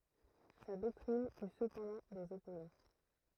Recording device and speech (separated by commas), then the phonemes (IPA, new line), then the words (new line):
throat microphone, read sentence
sa dɔktʁin y səpɑ̃dɑ̃ dez ɔpozɑ̃
Sa doctrine eut cependant des opposants.